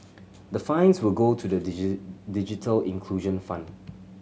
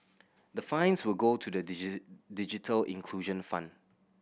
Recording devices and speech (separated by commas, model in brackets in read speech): mobile phone (Samsung C7100), boundary microphone (BM630), read sentence